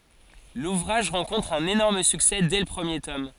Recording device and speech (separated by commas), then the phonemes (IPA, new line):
forehead accelerometer, read sentence
luvʁaʒ ʁɑ̃kɔ̃tʁ œ̃n enɔʁm syksɛ dɛ lə pʁəmje tɔm